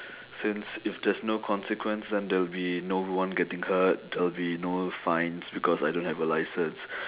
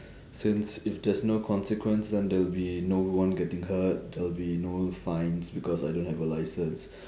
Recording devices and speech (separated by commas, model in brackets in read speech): telephone, standing microphone, conversation in separate rooms